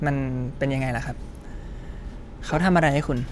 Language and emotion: Thai, neutral